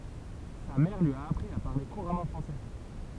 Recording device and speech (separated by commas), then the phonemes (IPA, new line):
temple vibration pickup, read sentence
sa mɛʁ lyi a apʁi a paʁle kuʁamɑ̃ fʁɑ̃sɛ